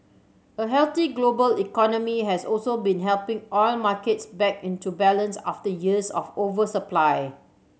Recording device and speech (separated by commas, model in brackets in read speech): mobile phone (Samsung C7100), read sentence